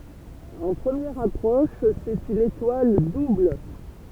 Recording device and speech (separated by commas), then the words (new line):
temple vibration pickup, read sentence
En première approche, c'est une étoile double.